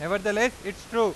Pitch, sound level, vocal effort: 210 Hz, 100 dB SPL, loud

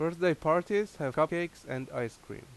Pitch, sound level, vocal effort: 155 Hz, 87 dB SPL, loud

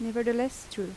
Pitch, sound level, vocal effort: 235 Hz, 82 dB SPL, soft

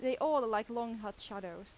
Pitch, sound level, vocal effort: 225 Hz, 89 dB SPL, very loud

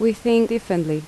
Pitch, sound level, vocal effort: 225 Hz, 80 dB SPL, normal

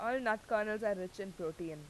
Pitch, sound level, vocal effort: 205 Hz, 90 dB SPL, loud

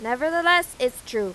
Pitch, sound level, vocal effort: 325 Hz, 96 dB SPL, very loud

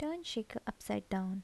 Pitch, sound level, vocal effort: 195 Hz, 73 dB SPL, soft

